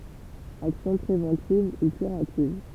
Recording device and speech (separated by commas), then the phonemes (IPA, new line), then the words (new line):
temple vibration pickup, read sentence
aksjɔ̃ pʁevɑ̃tiv u kyʁativ
Action préventive ou curative.